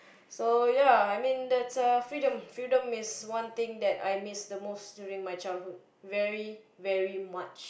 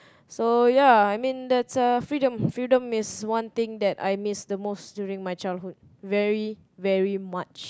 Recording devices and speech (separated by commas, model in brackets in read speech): boundary microphone, close-talking microphone, conversation in the same room